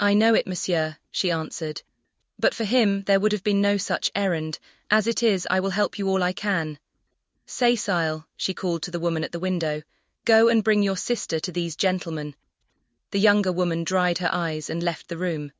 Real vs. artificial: artificial